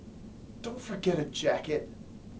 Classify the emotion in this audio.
disgusted